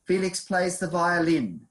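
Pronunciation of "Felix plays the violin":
'Felix plays the violin' is said with a falling intonation, as a statement rather than a question.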